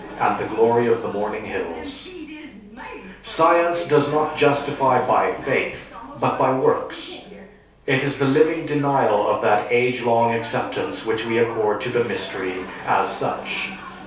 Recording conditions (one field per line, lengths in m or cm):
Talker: one person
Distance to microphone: 3.0 m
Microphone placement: far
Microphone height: 1.8 m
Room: small (3.7 m by 2.7 m)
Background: television